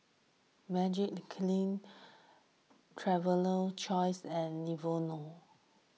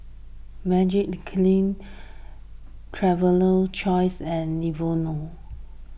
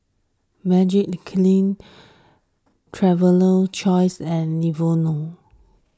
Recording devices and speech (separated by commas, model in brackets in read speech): mobile phone (iPhone 6), boundary microphone (BM630), standing microphone (AKG C214), read sentence